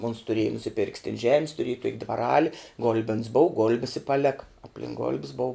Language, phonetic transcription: Lithuanian, ons tuˈrėja nusiˈpirk's tin žem's tuˈrėj tok' dvaˈrali ˈgul'bens bou ˈgolbis i paˈleka apˈlink golb's bou

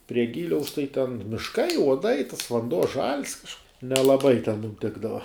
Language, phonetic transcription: Lithuanian, prie ˈgyliaus tai ten mišˈkai uoˈdai tas vanˈduo žal's kažk nelaˈbai ten ˈtikdava

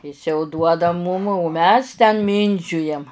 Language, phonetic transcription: Lithuanian, ˈis jau ˈduoda mūm o ˈmes ten ˈmyndžiujam

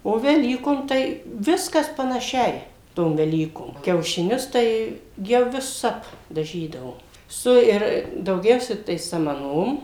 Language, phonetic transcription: Lithuanian, o veˈlykom tai ˈviskas panaˈšiai ˈtom veˈlykom kiaušiˈnius ˈtai ˈjau viˈsap daˈžydavo ˈsu ir dauˈgiausia tai samaˈnom

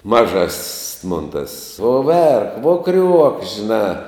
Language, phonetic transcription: Lithuanian, maˈžas's' mon tas uo ˈverk vuo kriuok žiˈnā

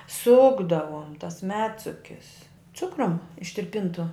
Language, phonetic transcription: Lithuanian, ˈsukdavom tas ˈmedsukis ˈcukrum ištirˈpintu

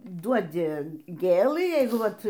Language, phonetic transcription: Lithuanian, ˈduodi ˈgėlɨ ˈjeigu ˈvat

